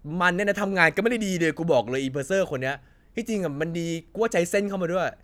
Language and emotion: Thai, angry